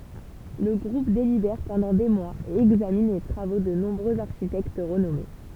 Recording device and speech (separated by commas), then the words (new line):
temple vibration pickup, read sentence
Le groupe délibère pendant des mois et examine les travaux de nombreux architectes renommés.